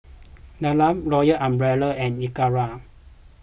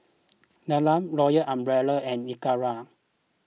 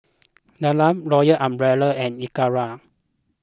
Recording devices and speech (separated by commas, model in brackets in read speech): boundary microphone (BM630), mobile phone (iPhone 6), close-talking microphone (WH20), read sentence